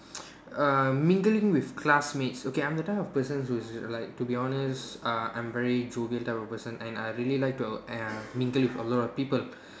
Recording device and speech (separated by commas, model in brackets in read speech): standing microphone, conversation in separate rooms